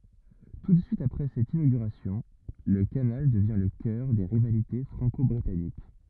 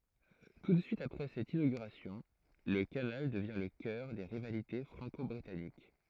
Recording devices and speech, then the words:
rigid in-ear microphone, throat microphone, read sentence
Tout de suite après cette inauguration, le canal devient le cœur des rivalités franco-britanniques.

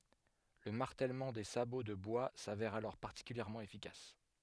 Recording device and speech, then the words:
headset microphone, read sentence
Le martèlement des sabots de bois s'avère alors particulièrement efficace.

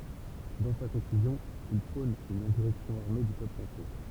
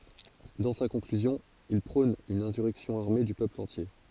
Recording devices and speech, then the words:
temple vibration pickup, forehead accelerometer, read sentence
Dans sa conclusion, il prône une insurrection armée du peuple entier.

